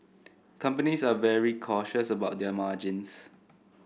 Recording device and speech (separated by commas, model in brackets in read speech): boundary microphone (BM630), read sentence